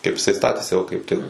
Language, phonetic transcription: Lithuanian, kaip iˈsai ˈstatėsi ˈo kaip ˈtik

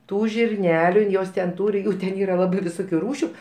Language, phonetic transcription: Lithuanian, ˈtų žirˈneliu in ˈjos ten ˈtūri ˈjų ten ˈyra ˈlabai viˈsukiu ˈrūšiu

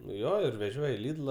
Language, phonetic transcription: Lithuanian, nu ˈjo ir veˈžioj i ˈlidla

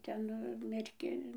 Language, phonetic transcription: Lithuanian, ˈten merˈkin

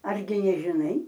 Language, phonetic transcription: Lithuanian, ˈargi nežiˈnai

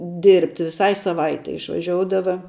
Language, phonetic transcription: Lithuanian, dirbt' viˈsai saˈvaitei išvaˈžioudava

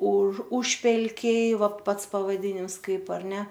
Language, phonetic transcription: Lithuanian, už ˈužpelkiai ˈva ˈpats pavaˈdinims ˈkaip ar ˈne

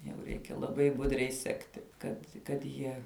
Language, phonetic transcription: Lithuanian, jau ˈreikia laˈbai ˈbudriai ˈsekti ˈkad kad ˈjie

